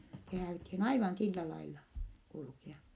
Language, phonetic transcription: Finnish, se hää₍ythin aivan sillä lailla , kulkea .
- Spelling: se häädyttiin aivan sillä lailla kulkea

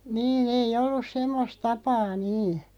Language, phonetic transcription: Finnish, nii'n ‿ei'ʲ ‿ollus "semmos 'tapaa 'nii .
- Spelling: niin ei ollut semmoista tapaa niin

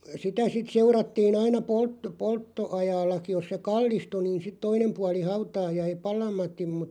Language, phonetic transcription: Finnish, sitä sit 'seurattii'n ‿aina 'polt- 'poltto₍ajaallaki 'jos se "kallistu niin sit 'toinem 'puali 'hautaa jäi "palam̀at̆tim mut ,.
- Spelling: sitä sitten seurattiin aina - polttoajallakin jos se kallistui niin sitten toinen puoli hautaa jäi palamatta mutta

